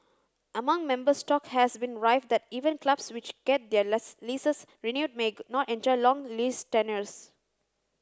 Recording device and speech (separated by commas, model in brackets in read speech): close-talking microphone (WH30), read sentence